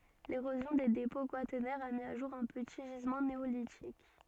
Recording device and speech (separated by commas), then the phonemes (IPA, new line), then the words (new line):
soft in-ear microphone, read sentence
leʁozjɔ̃ de depɔ̃ kwatɛʁnɛʁz a mi o ʒuʁ œ̃ pəti ʒizmɑ̃ neolitik
L'érosion des dépôts quaternaires a mis au jour un petit gisement néolithique.